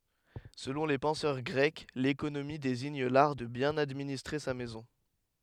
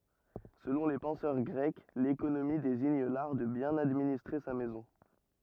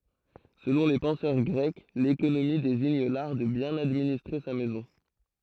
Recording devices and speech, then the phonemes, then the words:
headset microphone, rigid in-ear microphone, throat microphone, read sentence
səlɔ̃ le pɑ̃sœʁ ɡʁɛk lekonomi deziɲ laʁ də bjɛ̃n administʁe sa mɛzɔ̃
Selon les penseurs grecs, l'économie désigne l'art de bien administrer sa maison.

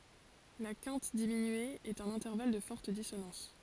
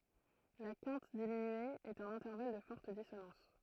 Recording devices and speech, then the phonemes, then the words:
forehead accelerometer, throat microphone, read sentence
la kɛ̃t diminye ɛt œ̃n ɛ̃tɛʁval də fɔʁt disonɑ̃s
La quinte diminuée est un intervalle de forte dissonance.

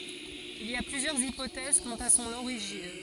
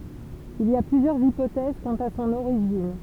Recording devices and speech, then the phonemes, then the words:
forehead accelerometer, temple vibration pickup, read sentence
il i a plyzjœʁz ipotɛz kɑ̃t a sɔ̃n oʁiʒin
Il y a plusieurs hypothèses quant à son origine.

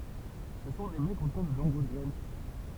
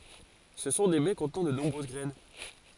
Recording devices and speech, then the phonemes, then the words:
temple vibration pickup, forehead accelerometer, read sentence
sə sɔ̃ de bɛ kɔ̃tnɑ̃ də nɔ̃bʁøz ɡʁɛn
Ce sont des baies contenant de nombreuses graines.

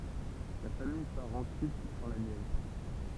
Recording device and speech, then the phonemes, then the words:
temple vibration pickup, read sentence
la famij paʁ ɑ̃syit dɑ̃ la njɛvʁ
La famille part ensuite dans la Nièvre.

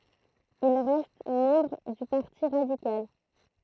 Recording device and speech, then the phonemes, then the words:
throat microphone, read sentence
il ʁɛst mɑ̃bʁ dy paʁti ʁadikal
Il reste membre du Parti radical.

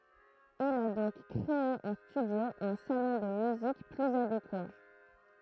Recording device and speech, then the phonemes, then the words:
throat microphone, read sentence
il a dɔ̃k kʁee ɑ̃ stydjo œ̃ salɔ̃ də myzik plyz adekwa
Il a donc créé en studio un salon de musique plus adéquat.

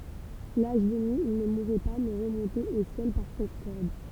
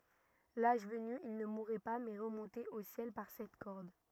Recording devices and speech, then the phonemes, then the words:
temple vibration pickup, rigid in-ear microphone, read sentence
laʒ vəny il nə muʁɛ pa mɛ ʁəmɔ̃tɛt o sjɛl paʁ sɛt kɔʁd
L'âge venu, ils ne mouraient pas mais remontaient au ciel par cette corde.

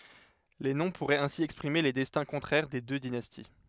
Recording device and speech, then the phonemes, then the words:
headset microphone, read sentence
le nɔ̃ puʁɛt ɛ̃si ɛkspʁime le dɛstɛ̃ kɔ̃tʁɛʁ de dø dinasti
Les noms pourraient ainsi exprimer les destins contraires des deux dynasties.

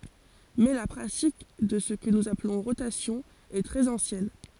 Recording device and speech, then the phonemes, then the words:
forehead accelerometer, read sentence
mɛ la pʁatik də sə kə nuz aplɔ̃ ʁotasjɔ̃ ɛ tʁɛz ɑ̃sjɛn
Mais la pratique de ce que nous appelons rotation est très ancienne.

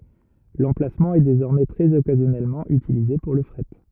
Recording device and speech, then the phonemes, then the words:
rigid in-ear microphone, read sentence
lɑ̃plasmɑ̃ ɛ dezɔʁmɛ tʁɛz ɔkazjɔnɛlmɑ̃ ytilize puʁ lə fʁɛt
L'emplacement est désormais très occasionnellement utilisé pour le fret.

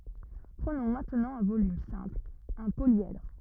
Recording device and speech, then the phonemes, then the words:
rigid in-ear microphone, read sentence
pʁənɔ̃ mɛ̃tnɑ̃ œ̃ volym sɛ̃pl œ̃ poljɛdʁ
Prenons maintenant un volume simple, un polyèdre.

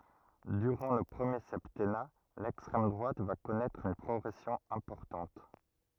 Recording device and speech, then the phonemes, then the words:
rigid in-ear microphone, read sentence
dyʁɑ̃ lə pʁəmje sɛptɛna lɛkstʁɛm dʁwat va kɔnɛtʁ yn pʁɔɡʁɛsjɔ̃ ɛ̃pɔʁtɑ̃t
Durant le premier septennat, l'extrême droite va connaître une progression importante.

